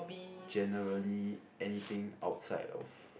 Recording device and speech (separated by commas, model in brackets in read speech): boundary microphone, conversation in the same room